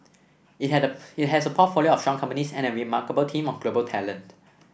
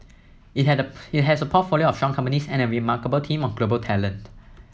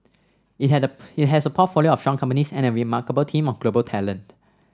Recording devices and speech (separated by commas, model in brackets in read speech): boundary microphone (BM630), mobile phone (iPhone 7), standing microphone (AKG C214), read sentence